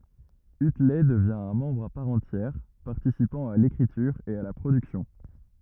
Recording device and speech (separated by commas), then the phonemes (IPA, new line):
rigid in-ear microphone, read sentence
ytlɛ dəvjɛ̃ œ̃ mɑ̃bʁ a paʁ ɑ̃tjɛʁ paʁtisipɑ̃ a lekʁityʁ e a la pʁodyksjɔ̃